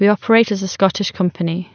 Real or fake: real